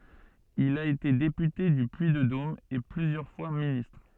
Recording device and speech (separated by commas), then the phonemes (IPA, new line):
soft in-ear microphone, read sentence
il a ete depyte dy pyiddom e plyzjœʁ fwa ministʁ